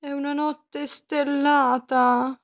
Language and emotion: Italian, sad